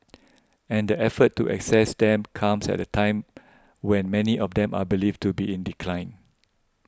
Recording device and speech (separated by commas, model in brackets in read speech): close-talking microphone (WH20), read sentence